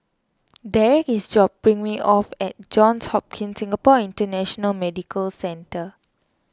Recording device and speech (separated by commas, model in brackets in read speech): standing microphone (AKG C214), read sentence